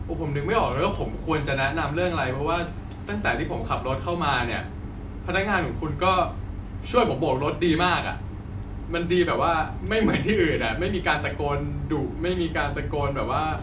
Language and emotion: Thai, happy